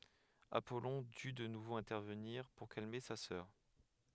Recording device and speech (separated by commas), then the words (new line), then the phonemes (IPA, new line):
headset microphone, read sentence
Apollon dut de nouveau intervenir, pour calmer sa sœur.
apɔlɔ̃ dy də nuvo ɛ̃tɛʁvəniʁ puʁ kalme sa sœʁ